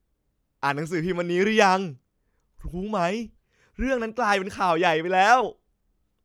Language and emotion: Thai, happy